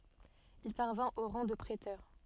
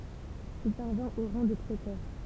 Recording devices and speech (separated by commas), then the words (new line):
soft in-ear microphone, temple vibration pickup, read sentence
Il parvint au rang de préteur.